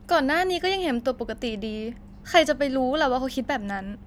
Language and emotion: Thai, frustrated